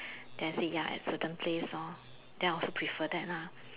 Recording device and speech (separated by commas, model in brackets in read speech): telephone, conversation in separate rooms